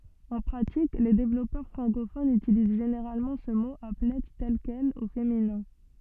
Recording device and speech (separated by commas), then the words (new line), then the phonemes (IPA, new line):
soft in-ear microphone, read sentence
En pratique, les développeurs francophones utilisent généralement ce mot applet tel quel, au féminin.
ɑ̃ pʁatik le devlɔpœʁ fʁɑ̃kofonz ytiliz ʒeneʁalmɑ̃ sə mo aplɛ tɛl kɛl o feminɛ̃